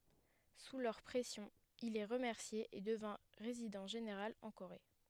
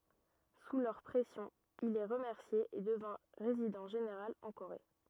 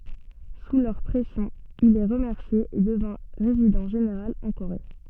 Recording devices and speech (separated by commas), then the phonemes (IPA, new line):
headset microphone, rigid in-ear microphone, soft in-ear microphone, read sentence
su lœʁ pʁɛsjɔ̃ il ɛ ʁəmɛʁsje e dəvɛ̃ ʁezidɑ̃ ʒeneʁal ɑ̃ koʁe